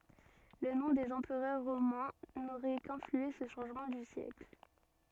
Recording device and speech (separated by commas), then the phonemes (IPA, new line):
soft in-ear microphone, read sentence
lə nɔ̃ dez ɑ̃pʁœʁ ʁomɛ̃ noʁɛ kɛ̃flyɑ̃se sə ʃɑ̃ʒmɑ̃ dy sjɛkl